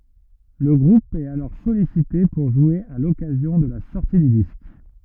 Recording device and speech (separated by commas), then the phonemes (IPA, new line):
rigid in-ear microphone, read sentence
lə ɡʁup ɛt alɔʁ sɔlisite puʁ ʒwe a lɔkazjɔ̃ də la sɔʁti dy disk